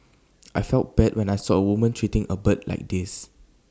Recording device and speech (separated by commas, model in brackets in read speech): standing microphone (AKG C214), read sentence